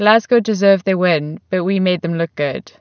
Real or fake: real